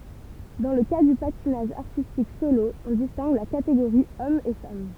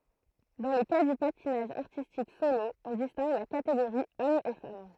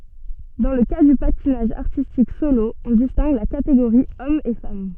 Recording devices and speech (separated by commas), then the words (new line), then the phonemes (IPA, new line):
temple vibration pickup, throat microphone, soft in-ear microphone, read sentence
Dans le cas du patinage artistique solo, on distingue la catégorie homme et femme.
dɑ̃ lə ka dy patinaʒ aʁtistik solo ɔ̃ distɛ̃ɡ la kateɡoʁi ɔm e fam